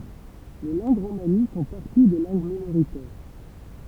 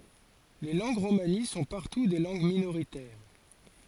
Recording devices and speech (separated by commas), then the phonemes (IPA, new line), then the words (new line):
temple vibration pickup, forehead accelerometer, read sentence
le lɑ̃ɡ ʁomani sɔ̃ paʁtu de lɑ̃ɡ minoʁitɛʁ
Les langues romanies sont partout des langues minoritaires.